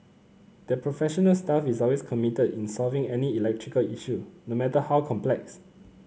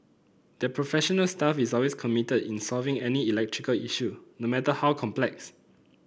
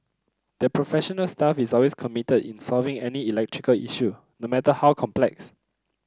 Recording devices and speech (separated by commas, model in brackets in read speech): mobile phone (Samsung C9), boundary microphone (BM630), close-talking microphone (WH30), read sentence